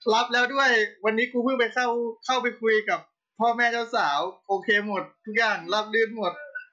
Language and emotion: Thai, happy